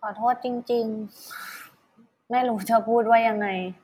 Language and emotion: Thai, sad